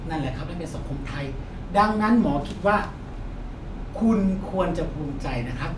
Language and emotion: Thai, frustrated